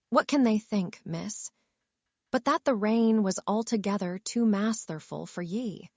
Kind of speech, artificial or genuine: artificial